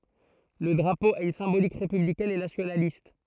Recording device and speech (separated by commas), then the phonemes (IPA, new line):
throat microphone, read sentence
lə dʁapo a yn sɛ̃bolik ʁepyblikɛn e nasjonalist